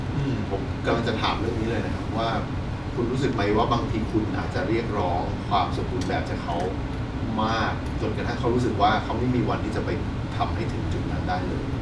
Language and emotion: Thai, neutral